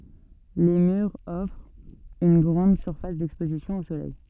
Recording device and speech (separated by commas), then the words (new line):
soft in-ear microphone, read sentence
Les murs offrent une grande surface d'exposition au soleil.